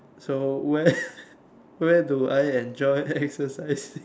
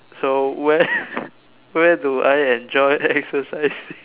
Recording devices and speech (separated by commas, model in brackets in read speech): standing microphone, telephone, conversation in separate rooms